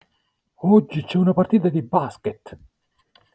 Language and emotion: Italian, surprised